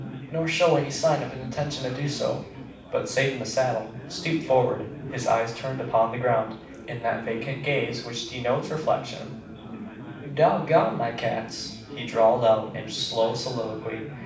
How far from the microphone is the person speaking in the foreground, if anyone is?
5.8 m.